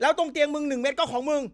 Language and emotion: Thai, angry